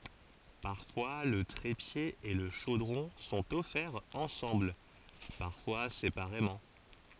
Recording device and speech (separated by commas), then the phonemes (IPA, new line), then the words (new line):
forehead accelerometer, read sentence
paʁfwa lə tʁepje e lə ʃodʁɔ̃ sɔ̃t ɔfɛʁz ɑ̃sɑ̃bl paʁfwa sepaʁemɑ̃
Parfois le trépied et le chaudron sont offerts ensemble, parfois séparément.